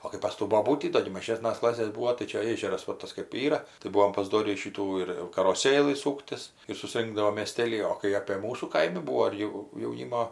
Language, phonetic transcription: Lithuanian, o kai pas ˈtų boˈbūtį ˈdo gi maˈžėsnas ˈklasės ˈbūo tai ˈčia ˈėžeras va ˈtas kɜp ˈyra tai ˈbuom paˈsdorį ˈšytų ir jau karoˈsėlɨ ˈsūktis ir suˈsrinkdavom mėˈstėly o kai apė ˈmūsų ˈkaimi ˈbūvo ir ˈjau jauˈnymo

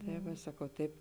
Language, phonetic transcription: Lithuanian, tai ˈva ˈsakau ˈtaip

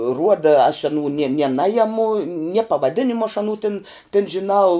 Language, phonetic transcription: Lithuanian, ˈruoda aš aˈnų nie ne ˈnajemu nie pavaˈdinimu aš aˈnų tin tin žiˈnau

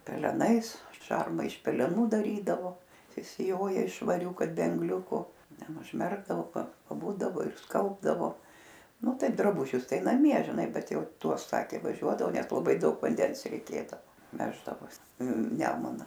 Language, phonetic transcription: Lithuanian, peleˈnais ˈšarma iš peleˈnų daˈrydavo sisiˈjoja iš švaˈrių ˈkad be anˈgliuku ˈten užˈmerkdavo pa paˈbūdavo ir ˈskalbdavo ˈnu ˈtaip draˈbužius ˈtai naˈmie žiˈnai ˈbet ˈjau ˈtuos ˈsakė vaˈžiuodavo ˈnes laˈbai ˈdaug vanˈdens reiˈkėdavo ˈveždavos ˈnemuna

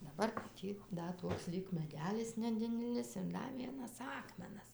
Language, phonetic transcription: Lithuanian, daˈbar ˈtį ˈda ˈtoks ˈlyg meˈdelis neˈdidelis ir ˈda ˈvienas ˈakmenas

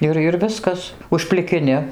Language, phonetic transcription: Lithuanian, ˈir ir ˈviskas užplikiˈni

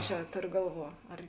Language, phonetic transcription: Lithuanian, ˈčia ˈtorio ˈgalˌvuo ar

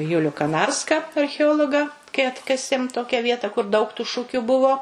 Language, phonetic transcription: Lithuanian, ˈjuliu kaˈnarska archeˈologa kai ˈatkasėm ˈtokia ˈvieta kur daug tu ˈšukiu ˈbuvo

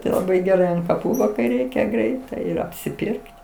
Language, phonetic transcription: Lithuanian, tai laˈbai geˈrai ant kaˈpų va kai ˈreikia ˈgreitai ir apsiˈpirkt

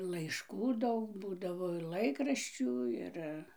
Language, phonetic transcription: Lithuanian, laišˈkų ˈdaug ˈbūdavo ir ˈlaikraščių ˈir

